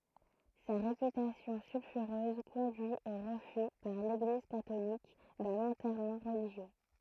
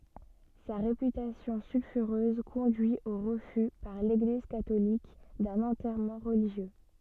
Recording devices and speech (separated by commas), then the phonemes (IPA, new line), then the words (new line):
throat microphone, soft in-ear microphone, read sentence
sa ʁepytasjɔ̃ sylfyʁøz kɔ̃dyi o ʁəfy paʁ leɡliz katolik dœ̃n ɑ̃tɛʁmɑ̃ ʁəliʒjø
Sa réputation sulfureuse conduit au refus par l'Église catholique d'un enterrement religieux.